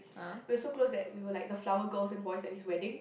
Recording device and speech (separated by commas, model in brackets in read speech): boundary microphone, conversation in the same room